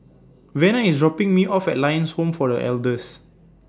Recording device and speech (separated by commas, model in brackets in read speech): standing microphone (AKG C214), read sentence